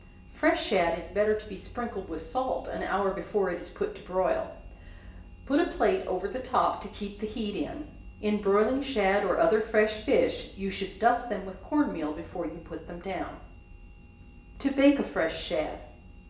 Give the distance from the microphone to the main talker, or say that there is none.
1.8 m.